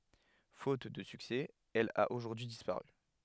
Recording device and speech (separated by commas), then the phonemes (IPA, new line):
headset microphone, read sentence
fot də syksɛ ɛl a oʒuʁdyi dispaʁy